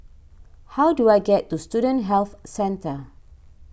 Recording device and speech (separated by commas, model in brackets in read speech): boundary microphone (BM630), read sentence